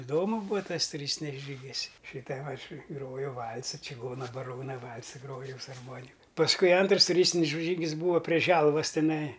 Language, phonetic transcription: Lithuanian, iˈdomu ˈbūa ˈtas tuˈrystinis ˈžygis ˈšita ˈaš ˈgrojau ˈvalsa čiˈgona baˈrona ˈvalsa ˈgrojau su arˈmonika pasˈkui ˈantras tuˈrystinis ˈžygis ˈbūva prie ˈželvas teˈnai

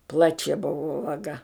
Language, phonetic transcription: Lithuanian, ˈplačia ˈbuvo vaˈga

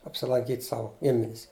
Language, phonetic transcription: Lithuanian, apsilanˈkyt' ˈsau ˈgiminis

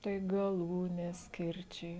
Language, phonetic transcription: Lithuanian, ˈtai gaˈlūnės ˈkirčiai

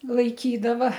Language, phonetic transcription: Lithuanian, laiˈkydava

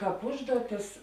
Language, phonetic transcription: Lithuanian, ˈkāp ˈužduoˌtis

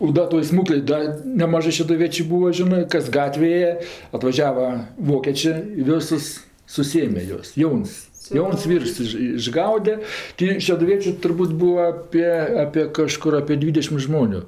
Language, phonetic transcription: Lithuanian, o ˈda toj ˈsmūklėj ˈda neˈmažɜ šeduˈviečiu ˈbūva ˈžinɜ ˈkas ˈgatvėj ˈėja atvaˈžiava ˈvokėčė i ˈviosus suˈsėme ˈjuos ˈjauns ˈjauns ˈvyrs iš išˈgaude ti šeduˈviečiu turˈbūt ˈbūva ˈapie apie kaˈžkur apie ˈdvydešim ˈžmoniu

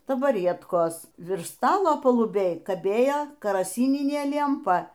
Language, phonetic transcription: Lithuanian, tabaˈrietkos ˈvirš ˈstalo paluˈbėj kaˈbėjo karaˈsyninė liemˈpa

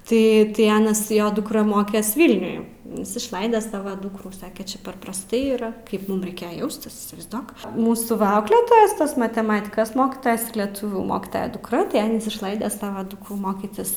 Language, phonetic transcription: Lithuanian, ˈtai tai ˈanas ˈjo dukˈra ˈmokes ˈvylniuj ˈjis išˈlaida ˈsavo ˈdukrų ˈsake ˈčia per prasˈtai yˈra ˈkaip ˈmum reiˈkėje ˈjaustis įsivaizˈduok ˈmūsų ˈva ˈauklėtojas ˈtas mateˈmatikas ˈmokitojas ir lieˈtuvių ˈmokitaja dukˈra tai ˈanys išˈlaide ˈsava ˈdukrų ˈmokitis

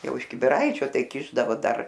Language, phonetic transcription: Lithuanian, ˈjau iš kibiˈraičio ˈtai ˈkišdavo ˈdar

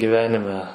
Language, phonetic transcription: Lithuanian, giˈvenime

